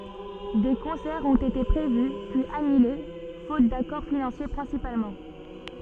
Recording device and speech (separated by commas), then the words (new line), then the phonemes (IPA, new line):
soft in-ear microphone, read sentence
Des concerts ont été prévus puis annulés faute d'accords financiers principalement.
de kɔ̃sɛʁz ɔ̃t ete pʁevy pyiz anyle fot dakɔʁ finɑ̃sje pʁɛ̃sipalmɑ̃